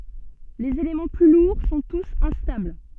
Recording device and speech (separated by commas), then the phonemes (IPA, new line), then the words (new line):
soft in-ear microphone, read sentence
lez elemɑ̃ ply luʁ sɔ̃ tus ɛ̃stabl
Les éléments plus lourds sont tous instables.